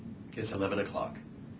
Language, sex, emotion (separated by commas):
English, male, neutral